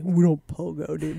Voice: gruff voice